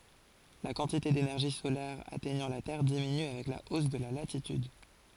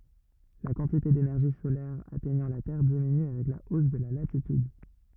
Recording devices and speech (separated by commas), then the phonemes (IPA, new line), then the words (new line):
forehead accelerometer, rigid in-ear microphone, read sentence
la kɑ̃tite denɛʁʒi solɛʁ atɛɲɑ̃ la tɛʁ diminy avɛk la os də la latityd
La quantité d'énergie solaire atteignant la Terre diminue avec la hausse de la latitude.